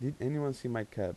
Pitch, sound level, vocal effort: 130 Hz, 84 dB SPL, soft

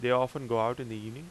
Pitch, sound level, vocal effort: 125 Hz, 88 dB SPL, normal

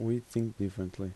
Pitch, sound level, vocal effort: 100 Hz, 79 dB SPL, soft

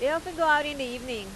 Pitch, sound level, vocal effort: 295 Hz, 94 dB SPL, loud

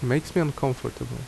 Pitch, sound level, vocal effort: 135 Hz, 75 dB SPL, normal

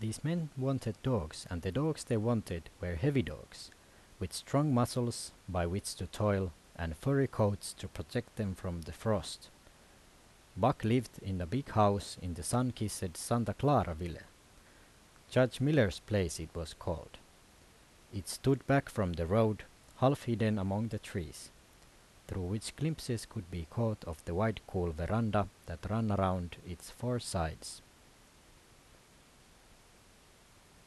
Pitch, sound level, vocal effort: 100 Hz, 80 dB SPL, normal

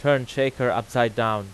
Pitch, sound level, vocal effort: 120 Hz, 92 dB SPL, very loud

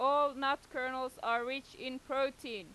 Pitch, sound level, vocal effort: 260 Hz, 95 dB SPL, very loud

